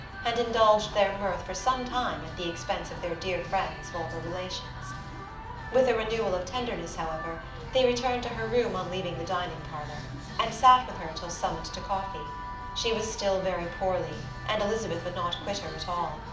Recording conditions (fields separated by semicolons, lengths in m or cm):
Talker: one person; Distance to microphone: 2.0 m; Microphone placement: close; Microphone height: 99 cm; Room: medium-sized (5.7 m by 4.0 m); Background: music